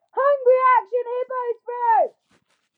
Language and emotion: English, fearful